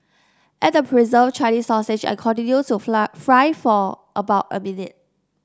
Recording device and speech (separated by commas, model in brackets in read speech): standing microphone (AKG C214), read sentence